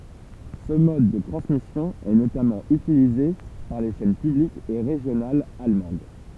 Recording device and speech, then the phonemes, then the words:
temple vibration pickup, read sentence
sə mɔd də tʁɑ̃smisjɔ̃ ɛ notamɑ̃ ytilize paʁ le ʃɛn pyblikz e ʁeʒjonalz almɑ̃d
Ce mode de transmission est notamment utilisé par les chaînes publiques et régionales allemandes.

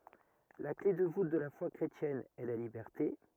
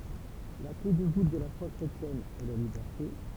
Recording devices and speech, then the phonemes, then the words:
rigid in-ear microphone, temple vibration pickup, read sentence
la kle də vut də la fwa kʁetjɛn ɛ la libɛʁte
La clef de voûte de la foi chrétienne est la liberté.

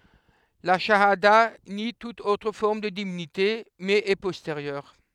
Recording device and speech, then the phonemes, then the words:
headset microphone, read sentence
la ʃaada ni tut otʁ fɔʁm də divinite mɛz ɛ pɔsteʁjœʁ
La chahada nie toute autre forme de divinité, mais est postérieure.

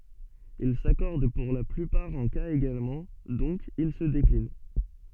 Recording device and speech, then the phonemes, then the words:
soft in-ear microphone, read sentence
il sakɔʁd puʁ la plypaʁ ɑ̃ kaz eɡalmɑ̃ dɔ̃k il sə deklin
Il s'accordent pour la plupart en cas également, donc ils se déclinent.

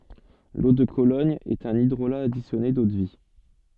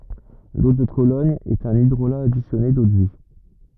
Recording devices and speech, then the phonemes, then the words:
soft in-ear microphone, rigid in-ear microphone, read sentence
lo də kolɔɲ ɛt œ̃n idʁola adisjɔne dodvi
L'eau de Cologne est un hydrolat additionné d'eau-de-vie.

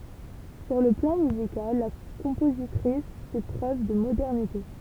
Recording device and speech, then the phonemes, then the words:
temple vibration pickup, read sentence
syʁ lə plɑ̃ myzikal la kɔ̃pozitʁis fɛ pʁøv də modɛʁnite
Sur le plan musical, la compositrice fait preuve de modernité.

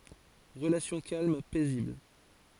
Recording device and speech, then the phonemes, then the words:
forehead accelerometer, read sentence
ʁəlasjɔ̃ kalm pɛzibl
Relations calmes, paisibles.

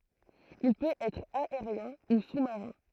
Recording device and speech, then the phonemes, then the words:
throat microphone, read sentence
il pøt ɛtʁ aeʁjɛ̃ u su maʁɛ̃
Il peut être aérien  ou sous-marin.

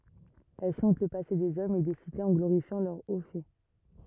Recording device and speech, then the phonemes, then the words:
rigid in-ear microphone, read sentence
ɛl ʃɑ̃t lə pase dez ɔmz e de sitez ɑ̃ ɡloʁifjɑ̃ lœʁ o fɛ
Elle chante le passé des hommes et des cités en glorifiant leurs hauts faits.

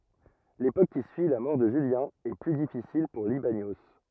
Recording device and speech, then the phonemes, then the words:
rigid in-ear microphone, read sentence
lepok ki syi la mɔʁ də ʒyljɛ̃ ɛ ply difisil puʁ libanjo
L'époque qui suit la mort de Julien, est plus difficile pour Libanios.

